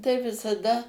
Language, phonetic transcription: Lithuanian, tai visaˈda

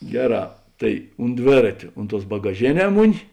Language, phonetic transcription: Lithuanian, ˈgeˌrā ˈtai unt ˈdvėratio ˈunt ˌtuos bagaˈžėˌnē ˈmuˌni

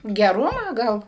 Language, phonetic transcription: Lithuanian, geˈrumą ˈgal

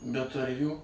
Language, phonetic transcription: Lithuanian, bet ar ˈjų

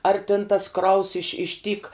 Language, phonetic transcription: Lithuanian, ar tin tas ˈkraus iš iš tyk

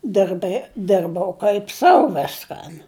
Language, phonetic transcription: Lithuanian, dɜrbɜ ˈdirbau kaip ˈsau ˈviskan

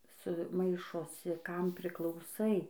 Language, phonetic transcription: Lithuanian, su ˈmaišosi ˈkam priklauˈsai

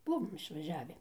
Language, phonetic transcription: Lithuanian, ˈbuvom išvaˈžiavi

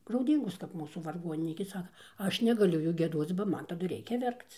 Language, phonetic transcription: Lithuanian, grauˈdyngos kap ˈmūsų varˈgoninykė ˈsaka ˈaš negaˈliu ˈjų gieˈdoc ba ˈman taˈdu ˈreikia ˈverkc

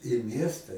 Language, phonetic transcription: Lithuanian, i ˈmiesta

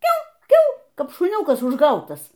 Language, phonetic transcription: Lithuanian, ˈkiau ˈkiau ˈkap šuˈniūkas užˈgautas

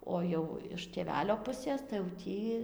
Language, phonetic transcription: Lithuanian, ˈo jau iš tėˈvelio ˈpusės tai jau ˈtį

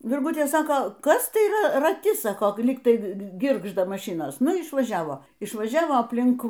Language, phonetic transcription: Lithuanian, virˈgutė ˈsako ˈkas tai ˈra raˈti ˈsako ˈlyg ˈtai ˈgirgžda maˈšinos ˈnu išvaˈžiavo išvaˈžiavo apˈlink

